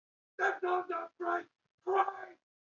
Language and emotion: English, angry